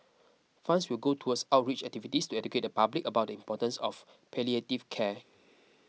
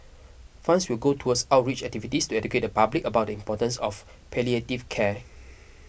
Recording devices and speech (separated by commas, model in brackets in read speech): mobile phone (iPhone 6), boundary microphone (BM630), read sentence